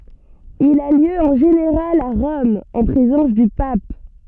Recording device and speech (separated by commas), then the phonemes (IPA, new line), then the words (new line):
soft in-ear microphone, read sentence
il a ljø ɑ̃ ʒeneʁal a ʁɔm ɑ̃ pʁezɑ̃s dy pap
Il a lieu en général à Rome, en présence du pape.